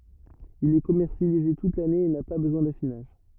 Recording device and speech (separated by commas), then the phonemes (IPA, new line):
rigid in-ear microphone, read sentence
il ɛ kɔmɛʁsjalize tut lane e na pa bəzwɛ̃ dafinaʒ